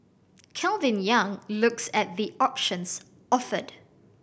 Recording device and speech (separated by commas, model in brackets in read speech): boundary microphone (BM630), read sentence